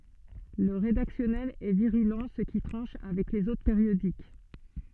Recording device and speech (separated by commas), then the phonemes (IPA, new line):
soft in-ear microphone, read sentence
lə ʁedaksjɔnɛl ɛ viʁylɑ̃ sə ki tʁɑ̃ʃ avɛk lez otʁ peʁjodik